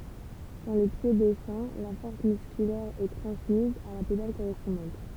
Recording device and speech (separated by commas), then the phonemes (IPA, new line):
temple vibration pickup, read sentence
kɑ̃ lə pje dɛsɑ̃ la fɔʁs myskylɛʁ ɛ tʁɑ̃smiz a la pedal koʁɛspɔ̃dɑ̃t